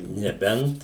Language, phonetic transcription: Lithuanian, neˈbent

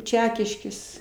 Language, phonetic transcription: Lithuanian, ˈčekiškės

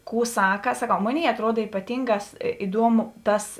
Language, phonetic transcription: Lithuanian, ˈkų ˈsaka saˈkau ˈmoˌnėi atˈruod ypaˈtyngās iˈduomu ˈtas

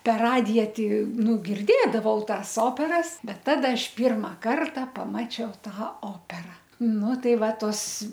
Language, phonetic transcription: Lithuanian, per ˈradija ti ˈnu girˈdėdavau ˈtąs ˈoperas ˈbet ˈtada ˈaš ˈpyrma ˈkarta paˈmačiau ˈtą ˈopera ˈnu ˈtai ˈva ˈtos

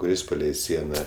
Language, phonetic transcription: Lithuanian, kuˈris paˈlei ˈsiena

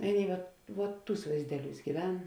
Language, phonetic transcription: Lithuanian, ˈaˌnėi vat vuot ˈtūs vaizˈdeˌliūs gyˈven

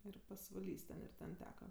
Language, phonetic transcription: Lithuanian, ˈir pasvaˈlys ten ir ˈten ˈteka

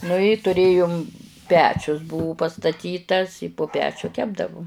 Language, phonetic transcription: Lithuanian, nu i tuˈrėjum ˈpečius ˈbuvu pastaˈtytas i pu ˈpečiu ˈkepdavu

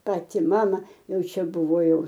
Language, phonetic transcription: Lithuanian, ˈpati ˈmama ˈjau ˈčia ˈbuvo ˈjau

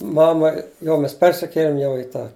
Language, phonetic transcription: Lithuanian, ˈmama ˈjau ˈmes ˈpersikėlim jau i ˈtą

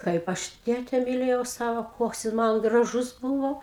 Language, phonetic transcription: Lithuanian, ˈkaip aš ˈtėte miˈlėjau ˈsavo ˈkoks jis ˈman graˈžus ˈbūvo

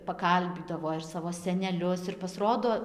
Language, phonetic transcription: Lithuanian, paˈkalbydavo ir ˈsavo seneˈlius ir pasˈrodo

